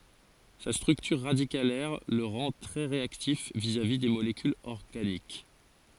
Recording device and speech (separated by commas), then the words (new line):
forehead accelerometer, read sentence
Sa structure radicalaire le rend très réactif vis-à-vis des molécules organiques.